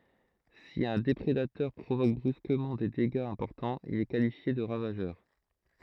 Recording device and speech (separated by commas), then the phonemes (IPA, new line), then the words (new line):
throat microphone, read sentence
si œ̃ depʁedatœʁ pʁovok bʁyskəmɑ̃ de deɡaz ɛ̃pɔʁtɑ̃z il ɛ kalifje də ʁavaʒœʁ
Si un déprédateur provoque brusquement des dégâts importants, il est qualifié de ravageur.